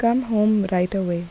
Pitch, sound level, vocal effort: 200 Hz, 77 dB SPL, soft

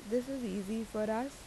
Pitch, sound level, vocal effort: 225 Hz, 81 dB SPL, normal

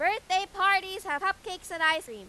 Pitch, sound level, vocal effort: 375 Hz, 103 dB SPL, very loud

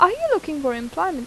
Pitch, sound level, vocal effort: 320 Hz, 87 dB SPL, normal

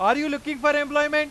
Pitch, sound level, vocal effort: 295 Hz, 105 dB SPL, very loud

